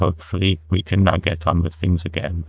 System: TTS, neural waveform model